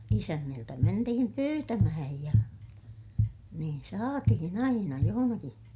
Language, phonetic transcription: Finnish, isänniltä mentihim pyytämähäj ja , niin saatihin ‿aina johonaki .
- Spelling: isänniltä mentiin pyytämään ja niin saatiin aina jossakin

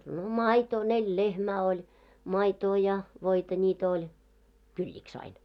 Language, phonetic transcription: Finnish, no "maitoo , 'neĺ "lehmää oĺ , 'maitoo ja , 'voita ńiit ‿oĺ , "kyĺĺik's ‿ain .
- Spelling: no maitoa neljä lehmää oli maitoa ja voita niitä oli kylliksi aina

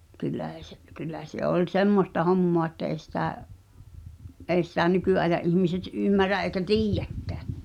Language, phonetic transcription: Finnish, 'kyl̆lä̀ se , 'kyl̆lä se 'oĺ "semmosta 'hommoa että èi̬ sitä , '’èi̬ sitä 'nyky’aeja’ ’ihmiset 'ymmärä ’eĭkä "tiijjäkkä̳ .
- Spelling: kyllä se kyllä se oli semmoista hommaa että ei sitä ei sitä nykyajan ihmiset ymmärrä eikä tiedäkään

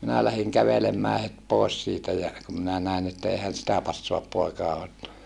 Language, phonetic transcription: Finnish, minä lähiŋ kävelemmää het pòes siitä ja , kum minä nä̀en että eehän̬ sitä passoap poekae ot(toa) .
- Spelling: minä lähdin kävelemään heti pois siitä ja kun minä näin että eihän sitä passaa poikien ottaa

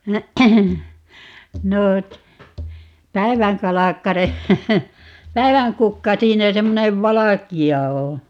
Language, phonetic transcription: Finnish, 'no , "päi̮väŋkalakkare , 'päi̮väŋkukka 'siinä 'semmonev "valaki₍a oo̰ .
- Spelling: no päivänkalkkare päivänkukka siinä semmoinen valkea on

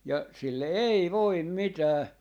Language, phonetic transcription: Finnish, ja , sille "ei "voim "mitää .
- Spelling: ja sille ei voi mitään

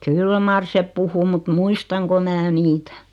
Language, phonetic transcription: Finnish, kyl mar 'sep "puhu mut "muistaŋko 'mää 'niitᴀ̈ .
- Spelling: kyllä mar se puhui mutta muistanko minä niitä

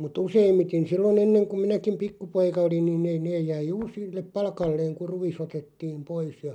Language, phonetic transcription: Finnish, mut'ᵗ ‿useimmiten 'sillo"n ‿enneŋ kuᵐ 'minäkim "pikkupoika olin ni'n ‿ei 'neej jäi "juur̬ sillep "pal̳§kalleeŋ kuʳ 'ruᵛis 'otettiim "pois ja ,.
- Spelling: mutta useimmiten silloin ennen kun minäkin pikkupoika olin niin ei ne jäi juuri sille paikalleen kun ruis otettiin pois ja

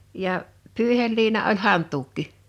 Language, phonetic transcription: Finnish, ja , 'pỳihelliina oĺ "hant̀uukki .
- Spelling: ja pyyheliina oli hantuukki

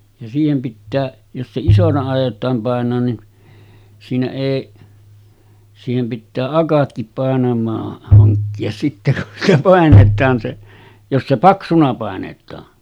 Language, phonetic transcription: Finnish, ja 'siihem pittää , jos se 'isona àij̆jot̀aam pàen̆noon nin , siinä èi , siihem pittää "akatkip 'pàenam̆maah haŋkki₍as sitte kun sitä pàenet̀aan se , jos se 'paksuna pàenet̀aa .
- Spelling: ja siihen pitää jos se isona aiotaan painaa niin siinä ei siihen pitää akatkin painamaan hankkia sitten kun sitä painetaan se jos se paksuna painetaan

